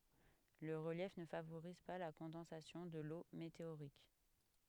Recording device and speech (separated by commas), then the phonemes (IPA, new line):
headset microphone, read sentence
lə ʁəljɛf nə favoʁiz pa la kɔ̃dɑ̃sasjɔ̃ də lo meteoʁik